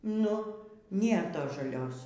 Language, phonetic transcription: Lithuanian, ˈnu ˈnėr ˈtos žaˈlios

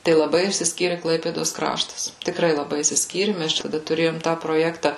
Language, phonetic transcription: Lithuanian, tai laˈbai išsisˈkyri ˈklaipėdos ˈkraštas tikˈrai laˈbai išsisˈkyri ˈmes ˈčia taˈda tuˈrėjom tą proˈjekta

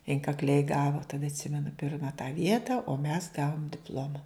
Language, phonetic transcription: Lithuanian, inkakˈliai ˈgavo taˈda atˈsimenu ˈpirma tą ˈvieta o mes ˈgavom dipˈloma

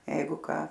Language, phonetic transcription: Lithuanian, ˈjeigu ˈką

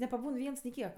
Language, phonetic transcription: Lithuanian, nepaˈbūn ˈviens ni ˈkiek

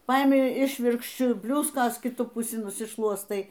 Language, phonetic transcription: Lithuanian, ˈpaimi ˈišvirkščiu ˈbliuskos kiˈtu puˈsi nusiˈšluostai

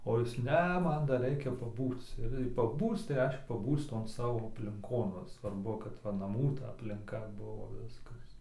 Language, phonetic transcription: Lithuanian, o ˈjis ˈne ˈman dar ˈreikia paˈbūc ir jei paˈbūc tai ˈreiškia paˈbūc ˈton ˈsavo aplinˈkon ˈva svarˈbu kad ˈva naˈmų ta aplinˈka ˈbuvo ˈviskas

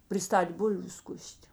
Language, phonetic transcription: Lithuanian, priˈstat' ˈbulviu ˈskus't'

